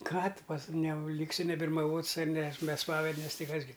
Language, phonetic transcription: Lithuanian, ˈką tu pas ne ˈlyksi nebirmaˈvots ˈne s be ˈspavednes ˈtai ˈkas gi

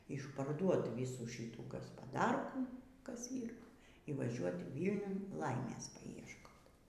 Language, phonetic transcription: Lithuanian, išparˈduot ˈvysų ˈšyų gaspaˈdarkų ˈkas ˈyr i vaˈžiuot ˈvylniun ˈlaimės paiešˈkot

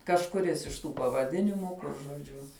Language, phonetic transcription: Lithuanian, kažkuˈris iš ˈtų pavaˈdinimų ˈkur žoˈdžiu

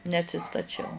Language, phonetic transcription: Lithuanian, neatsistaˈčiau

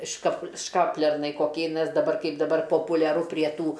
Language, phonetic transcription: Lithuanian, škap ˈškaplernai koˈkiai nes daˈbar ˈkaip daˈbar populiaˈru prie ˈtų

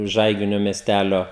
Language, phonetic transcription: Lithuanian, ˈžaiginio mieˈstælio

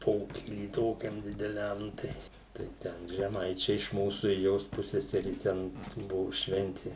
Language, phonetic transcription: Lithuanian, ˈpokyly ˈtokiam dideˈliam tai tai ˈten žeˈmaičiai iš ˈmūsų ir ˈjos ˈpusseseri ˈten ˈbuvu ˈšventi

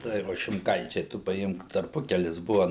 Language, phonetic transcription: Lithuanian, ˈtai va šimˈkaičiai tu paˈimk tarˈpukelis ˈbuva

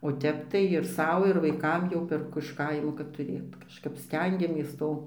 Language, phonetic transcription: Lithuanian, o ˈtep tai ir ˈsau ir ˈvaikam jau perˈku iš ˈkaimo kad tuˈrėt kažˈkap ˈstengiamės ˈto

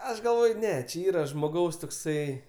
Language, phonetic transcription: Lithuanian, ˈaš galˈvoj ˈne či ˈyra žmoˈgaus tokˈsai

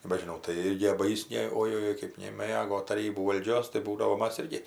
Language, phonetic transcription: Lithuanian, nebežiˈnau tai ˈirgi ba ˈjis ˈne ojoˈjoi kɜp neˈmɘgo taˈrybų valˈdžios tai ˈbūdavo ˈmas ˈirgi

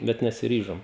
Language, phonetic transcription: Lithuanian, ˈbet nesiˈryžom

